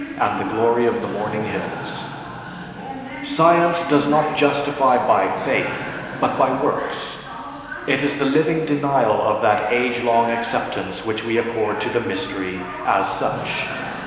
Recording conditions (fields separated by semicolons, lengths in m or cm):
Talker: one person; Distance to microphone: 1.7 m; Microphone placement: close; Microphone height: 1.0 m; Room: very reverberant, large; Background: television